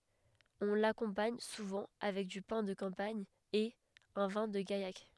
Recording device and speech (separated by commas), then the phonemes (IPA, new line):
headset microphone, read sentence
ɔ̃ lakɔ̃paɲ suvɑ̃ avɛk dy pɛ̃ də kɑ̃paɲ e œ̃ vɛ̃ də ɡajak